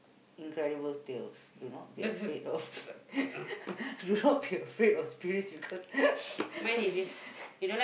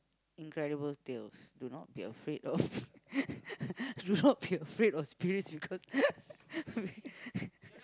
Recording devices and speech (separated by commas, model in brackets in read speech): boundary microphone, close-talking microphone, conversation in the same room